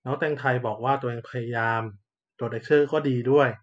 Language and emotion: Thai, neutral